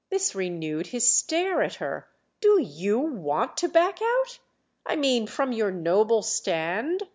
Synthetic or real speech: real